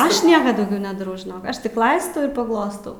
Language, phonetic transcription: Lithuanian, ˈaš ˈnieka dauˈgiau nedaˈrau ˈaš tik ˈlaistau ir paˈglostau

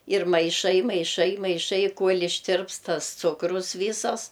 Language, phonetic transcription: Lithuanian, ir maiˈšai maiˈšai maiˈšai ˈkuol' išˈtirpst ˈtas ˈcukrus ˈvysas

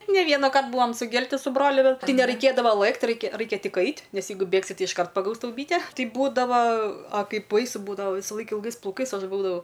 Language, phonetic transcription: Lithuanian, ne ˈvienaˌkart ˈbūvam suˈgelti su ˈbroliu ˈbet ˈtai neraiˈkėdavo ˈlɘkt ˈraikia ˈraikia ˈtik ˈait' ˈnes ˈjeigu ˈbėgsi ti išˈkart paˈgaus ˈtau ˈbyte ˈtai ˈbūdava a ˈkaip ˈbaisu ˈbūdava ˈvysaˌlaik ilˈgais plauˈkais ˈaš ˈbūdavau

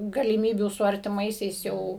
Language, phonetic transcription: Lithuanian, galiˈmybių su artiˈmaisiais ˈjau

